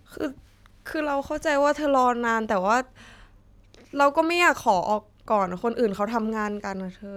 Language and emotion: Thai, sad